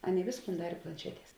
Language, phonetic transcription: Lithuanian, ˈaˌnėi ˈvėsˌkūn ˈdarė planˈšeˌties

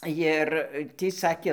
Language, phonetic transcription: Lithuanian, ˈjir ˈtį ˈsakė

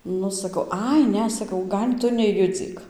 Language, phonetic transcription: Lithuanian, ˈnu saˈkau ˈai ˈne saˈkau ˈgal' ˈtu neˈjudzyk

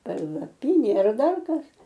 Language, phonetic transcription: Lithuanian, palaˈpynė ar ˈdar ˈkas

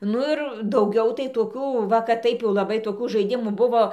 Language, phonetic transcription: Lithuanian, ˈnu ir dauˈgiau tai toˈkių ˈva kad ˈtaip jau laˈbai toˈkų žaiˈdimų ˈbuvo

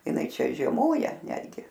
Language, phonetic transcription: Lithuanian, iˈnai ˈčia žieˈmoja ˈnetgi

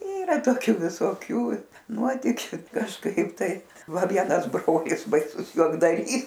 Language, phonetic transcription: Lithuanian, ˈyra toˈkiu visoˈkių ˈnuotikiu kažˈkaip tai ˈva ˈvienas ˈbrolis baiˈsus juokdaˈrys

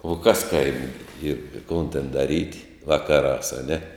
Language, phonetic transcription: Lithuanian, o ˈkas ˈkaimė ˈyr i ˈkon ten daˈryt ˈvakaˌrās aˈne

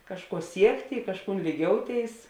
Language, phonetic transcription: Lithuanian, ˈkažˌkuo ˈsiekti i ˈkažˌkūn lyˈgiouˌtėis

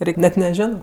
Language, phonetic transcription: Lithuanian, ˈreik' net neˈžiono

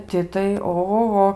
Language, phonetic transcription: Lithuanian, ˈti tai ohoˈho

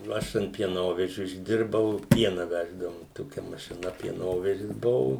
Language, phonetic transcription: Lithuanian, ˈaš ant pieˈnovežiu išˈdirbau ˈpiena ˈveždavum ˈtokia mašiˈna pieˈnovežis ˈbuvu

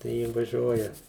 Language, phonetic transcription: Lithuanian, tai ˈji vaˈžiuoja

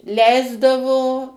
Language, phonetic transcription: Lithuanian, ˈleisdavo

